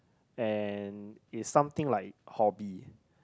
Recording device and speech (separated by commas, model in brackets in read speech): close-talking microphone, conversation in the same room